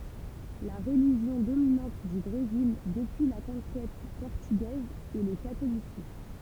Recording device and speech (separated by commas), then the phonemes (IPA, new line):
temple vibration pickup, read sentence
la ʁəliʒjɔ̃ dominɑ̃t dy bʁezil dəpyi la kɔ̃kɛt pɔʁtyɡɛz ɛ lə katolisism